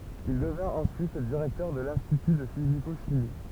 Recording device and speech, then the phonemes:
temple vibration pickup, read sentence
il dəvɛ̃t ɑ̃syit diʁɛktœʁ də lɛ̃stity də fiziko ʃimi

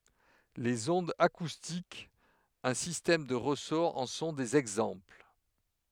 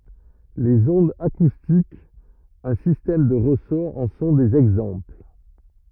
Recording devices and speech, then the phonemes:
headset microphone, rigid in-ear microphone, read sentence
lez ɔ̃dz akustikz œ̃ sistɛm də ʁəsɔʁ ɑ̃ sɔ̃ dez ɛɡzɑ̃pl

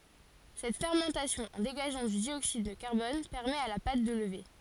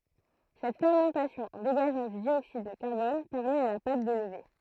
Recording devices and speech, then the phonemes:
forehead accelerometer, throat microphone, read sentence
sɛt fɛʁmɑ̃tasjɔ̃ ɑ̃ deɡaʒɑ̃ dy djoksid də kaʁbɔn pɛʁmɛt a la pat də ləve

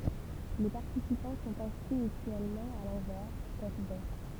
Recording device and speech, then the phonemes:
temple vibration pickup, read sentence
le paʁtisipɑ̃ sɔ̃t ɛ̃si mytyɛlmɑ̃ a lɑ̃vɛʁ tɛt bɛʃ

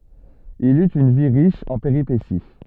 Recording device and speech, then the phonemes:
soft in-ear microphone, read sentence
il yt yn vi ʁiʃ ɑ̃ peʁipesi

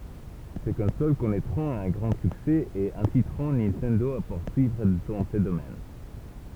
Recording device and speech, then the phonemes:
temple vibration pickup, read sentence
se kɔ̃sol kɔnɛtʁɔ̃t œ̃ ɡʁɑ̃ syksɛ e ɛ̃sitʁɔ̃ nintɛndo a puʁsyivʁ dɑ̃ sə domɛn

